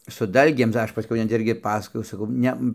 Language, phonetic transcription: Lithuanian, su ˈdalgėm tai ˈaš paˈskiau net ˈirgi ˈpasakojau ˈsakau ˈne

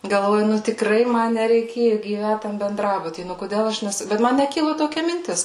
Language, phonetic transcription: Lithuanian, galˈvoju ˈnu tikˈrai ˈma nereiˈkėju gyˈvæt ˈtam benˈdrabuty ˈnu koˈdel ˈaš neˈsu ˈbet ˈman neˈkilu toˈkia minˈtis

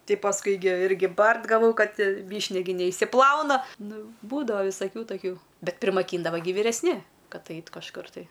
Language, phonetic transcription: Lithuanian, ˈti pasˈkui gi ˈirgi ˈbart gaˈvau ˈkad ˈvyšnia gi neišsiˈplauna ˈnu ˈbūdava visaˈkių taˈkių ˈbet primaˈkyndava gi vyresˈni ˈkad ˈait' kažˈkur tai

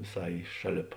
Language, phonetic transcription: Lithuanian, viˈsai ˈšaˌlėp

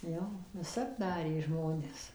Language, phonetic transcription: Lithuanian, ˈjo viˈsap ˈdarė ˈžmonės

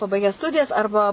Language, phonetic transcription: Lithuanian, paˈbaigę ˈstudijas ˈarba

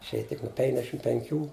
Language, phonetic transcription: Lithuanian, išˈėja tik nu ˈpenkdešim penˈkių

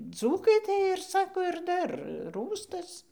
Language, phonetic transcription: Lithuanian, ˈdzūkai tai ir ˈsako ir ˈdar ˈrųstas

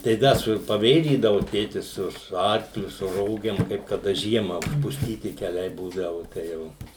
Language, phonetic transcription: Lithuanian, tai ˈda su paˈvėžydavu ˈtėtis ˈsu su ˈarkliu su ˈrogėm kaip kaˈda ˈžiema užpusˈtyti keˈliai ˈbūdavu tai ˈjau

